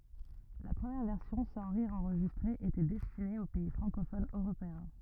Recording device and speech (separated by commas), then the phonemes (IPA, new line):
rigid in-ear microphone, read sentence
la pʁəmjɛʁ vɛʁsjɔ̃ sɑ̃ ʁiʁz ɑ̃ʁʒistʁez etɛ dɛstine o pɛi fʁɑ̃kofonz øʁopeɛ̃